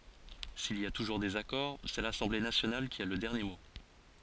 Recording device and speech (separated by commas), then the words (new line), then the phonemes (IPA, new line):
forehead accelerometer, read sentence
S’il y a toujours désaccord, c’est l’Assemblée nationale qui a le dernier mot.
sil i a tuʒuʁ dezakɔʁ sɛ lasɑ̃ble nasjonal ki a lə dɛʁnje mo